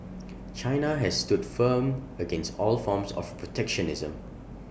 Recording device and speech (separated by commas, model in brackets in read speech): boundary microphone (BM630), read sentence